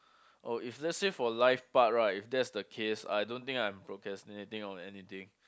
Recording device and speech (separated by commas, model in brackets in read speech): close-talking microphone, conversation in the same room